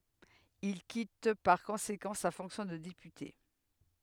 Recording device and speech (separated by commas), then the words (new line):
headset microphone, read sentence
Il quitte par conséquent sa fonction de député.